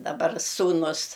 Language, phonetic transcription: Lithuanian, daˈbar sūˈnus

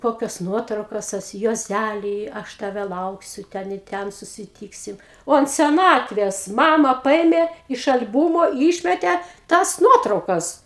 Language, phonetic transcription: Lithuanian, ˈkokios ˈnuotraukos ˈsusi juoˈzæly ˈaš taˈve ˈlauksiu ˈten i ˈten susiˈtyksim ˈo ant seˈnatvės ˈmama ˈpaėmė iš al'ˈbumo ˈyšmete ˈtas ˈnuotraukas

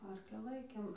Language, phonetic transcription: Lithuanian, ˈarkli ˈlaikėm

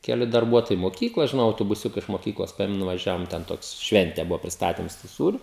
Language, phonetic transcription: Lithuanian, keˈli darˈbuotojai moˈkykloj žiˈnau autobuˈsiuka iš moˈkyklos ˈpaėmem nuvaˈžiavom ten ˈtoks ˈšvente ˈbuvo prisˈtatims tų ˈsūriu

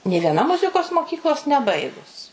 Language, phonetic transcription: Lithuanian, nė vieˈna ˈmuzikos moˈkyklos neˈbaigus

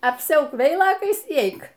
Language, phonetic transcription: Lithuanian, apˈsiauk ˈveilokais y ˈeik

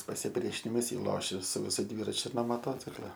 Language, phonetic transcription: Lithuanian, pasiˈpriešinimas ˈjį ˈlošia su viˈsu ˈdvyračiu no moˈtocikla

